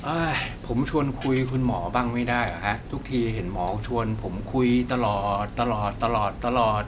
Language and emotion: Thai, frustrated